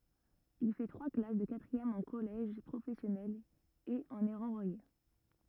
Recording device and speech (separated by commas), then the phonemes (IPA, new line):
rigid in-ear microphone, read sentence
il fɛ tʁwa klas də katʁiɛm ɑ̃ kɔlɛʒ pʁofɛsjɔnɛl e ɑ̃n ɛ ʁɑ̃vwaje